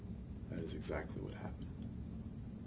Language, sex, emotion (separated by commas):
English, male, neutral